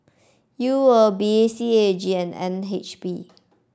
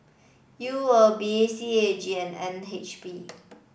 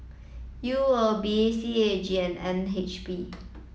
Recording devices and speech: standing microphone (AKG C214), boundary microphone (BM630), mobile phone (iPhone 7), read sentence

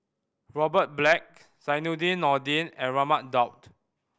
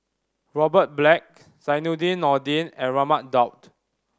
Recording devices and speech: boundary microphone (BM630), standing microphone (AKG C214), read sentence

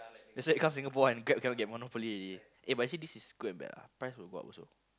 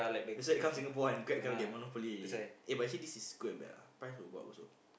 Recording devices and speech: close-talking microphone, boundary microphone, conversation in the same room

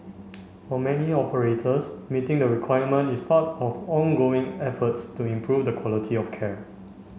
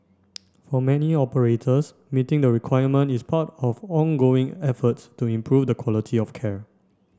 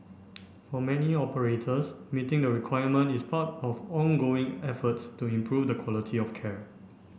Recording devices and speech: mobile phone (Samsung C5), standing microphone (AKG C214), boundary microphone (BM630), read sentence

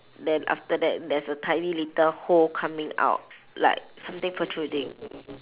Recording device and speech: telephone, conversation in separate rooms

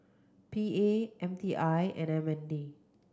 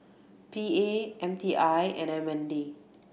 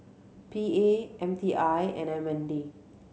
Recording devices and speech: close-talking microphone (WH30), boundary microphone (BM630), mobile phone (Samsung C7100), read sentence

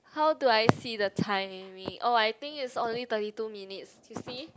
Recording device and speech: close-talking microphone, conversation in the same room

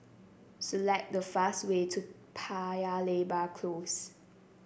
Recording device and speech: boundary microphone (BM630), read sentence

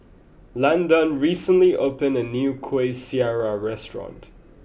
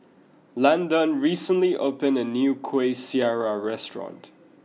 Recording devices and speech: boundary microphone (BM630), mobile phone (iPhone 6), read sentence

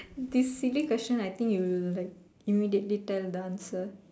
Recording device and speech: standing microphone, conversation in separate rooms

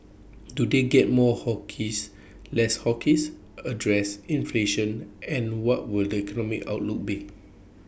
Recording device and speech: boundary microphone (BM630), read sentence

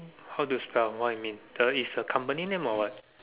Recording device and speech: telephone, conversation in separate rooms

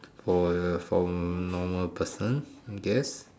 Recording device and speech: standing microphone, conversation in separate rooms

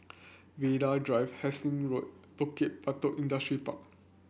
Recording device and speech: boundary microphone (BM630), read sentence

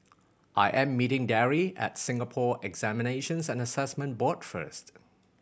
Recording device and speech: boundary microphone (BM630), read sentence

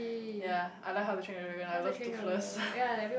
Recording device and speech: boundary microphone, conversation in the same room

